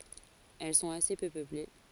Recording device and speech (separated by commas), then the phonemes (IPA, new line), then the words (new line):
forehead accelerometer, read sentence
ɛl sɔ̃t ase pø pøple
Elles sont assez peu peuplées.